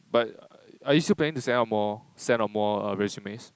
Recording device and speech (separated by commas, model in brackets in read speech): close-talking microphone, conversation in the same room